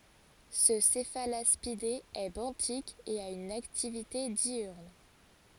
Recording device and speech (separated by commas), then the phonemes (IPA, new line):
forehead accelerometer, read sentence
sə sɛfalaspide ɛ bɑ̃tik e a yn aktivite djyʁn